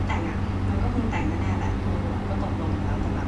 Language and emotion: Thai, frustrated